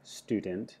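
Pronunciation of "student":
'student' is said with a reduced vowel, the small cap I.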